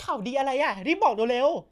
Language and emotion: Thai, happy